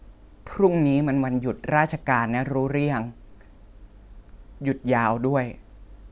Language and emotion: Thai, sad